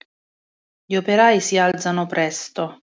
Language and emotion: Italian, neutral